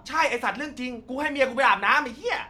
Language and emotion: Thai, angry